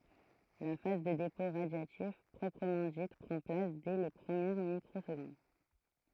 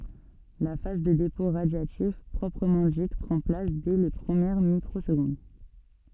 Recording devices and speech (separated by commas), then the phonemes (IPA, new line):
throat microphone, soft in-ear microphone, read sentence
la faz də depɔ̃ ʁadjatif pʁɔpʁəmɑ̃ dit pʁɑ̃ plas dɛ le pʁəmjɛʁ mikʁozɡɔ̃d